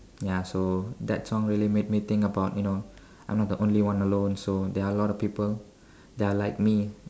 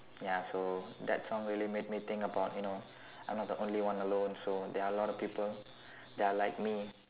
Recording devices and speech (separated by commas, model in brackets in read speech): standing microphone, telephone, conversation in separate rooms